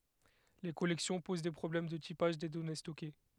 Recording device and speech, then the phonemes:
headset microphone, read sentence
le kɔlɛksjɔ̃ poz de pʁɔblɛm də tipaʒ de dɔne stɔke

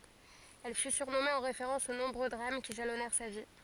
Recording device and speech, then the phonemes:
forehead accelerometer, read sentence
ɛl fy syʁnɔme ɑ̃ ʁefeʁɑ̃s o nɔ̃bʁø dʁam ki ʒalɔnɛʁ sa vi

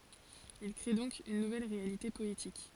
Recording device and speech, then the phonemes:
forehead accelerometer, read sentence
il kʁe dɔ̃k yn nuvɛl ʁealite pɔetik

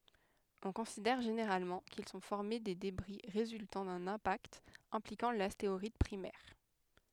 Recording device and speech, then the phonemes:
headset microphone, read sentence
ɔ̃ kɔ̃sidɛʁ ʒeneʁalmɑ̃ kil sɔ̃ fɔʁme de debʁi ʁezyltɑ̃ dœ̃n ɛ̃pakt ɛ̃plikɑ̃ lasteʁɔid pʁimɛʁ

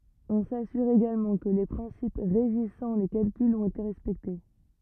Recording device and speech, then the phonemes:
rigid in-ear microphone, read sentence
ɔ̃ sasyʁ eɡalmɑ̃ kə le pʁɛ̃sip ʁeʒisɑ̃ le kalkylz ɔ̃t ete ʁɛspɛkte

